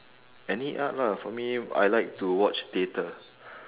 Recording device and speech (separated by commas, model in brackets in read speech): telephone, conversation in separate rooms